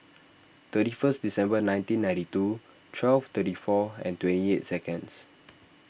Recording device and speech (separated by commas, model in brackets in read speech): boundary microphone (BM630), read sentence